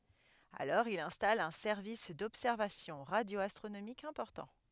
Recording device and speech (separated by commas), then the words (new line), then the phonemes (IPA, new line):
headset microphone, read sentence
Alors il installe un service d´observations radio-astronomiques important.
alɔʁ il ɛ̃stal œ̃ sɛʁvis dɔbsɛʁvasjɔ̃ ʁadjoastʁonomikz ɛ̃pɔʁtɑ̃